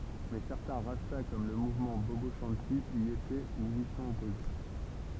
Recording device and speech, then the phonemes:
temple vibration pickup, read sentence
mɛ sɛʁtɛ̃ ʁasta kɔm lə muvmɑ̃ bobo ʃɑ̃ti i etɛ u i sɔ̃t ɔpoze

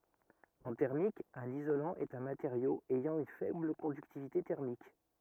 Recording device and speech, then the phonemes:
rigid in-ear microphone, read sentence
ɑ̃ tɛʁmik œ̃n izolɑ̃ ɛt œ̃ mateʁjo ɛjɑ̃ yn fɛbl kɔ̃dyktivite tɛʁmik

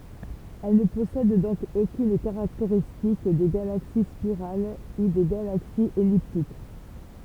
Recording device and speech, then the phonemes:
temple vibration pickup, read sentence
ɛl nə pɔsɛd dɔ̃k okyn kaʁakteʁistik de ɡalaksi spiʁal u de ɡalaksiz ɛliptik

